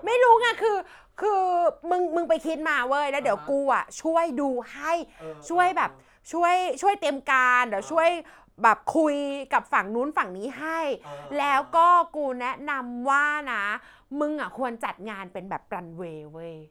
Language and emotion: Thai, happy